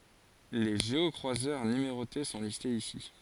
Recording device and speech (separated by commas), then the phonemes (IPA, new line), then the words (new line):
forehead accelerometer, read sentence
le ʒeɔkʁwazœʁ nymeʁote sɔ̃ listez isi
Les géocroiseurs numérotés sont listés ici.